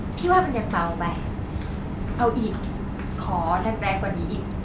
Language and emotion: Thai, frustrated